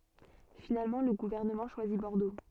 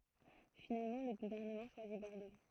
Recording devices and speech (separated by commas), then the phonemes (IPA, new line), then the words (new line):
soft in-ear microphone, throat microphone, read sentence
finalmɑ̃ lə ɡuvɛʁnəmɑ̃ ʃwazi bɔʁdo
Finalement le gouvernement choisit Bordeaux.